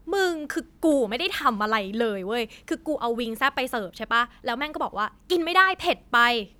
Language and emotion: Thai, angry